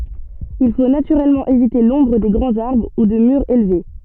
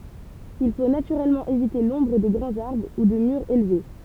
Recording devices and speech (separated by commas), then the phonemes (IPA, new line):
soft in-ear microphone, temple vibration pickup, read sentence
il fo natyʁɛlmɑ̃ evite lɔ̃bʁ de ɡʁɑ̃z aʁbʁ u də myʁz elve